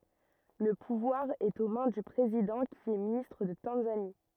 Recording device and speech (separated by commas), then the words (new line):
rigid in-ear microphone, read sentence
Le pouvoir est aux mains du président qui est ministre de Tanzanie.